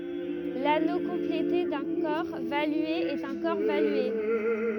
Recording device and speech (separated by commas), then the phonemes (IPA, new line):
rigid in-ear microphone, read sentence
lano kɔ̃plete dœ̃ kɔʁ valye ɛt œ̃ kɔʁ valye